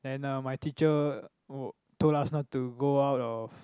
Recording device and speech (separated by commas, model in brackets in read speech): close-talking microphone, conversation in the same room